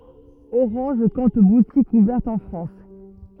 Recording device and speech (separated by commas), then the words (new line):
rigid in-ear microphone, read sentence
Orange compte boutiques ouvertes en France.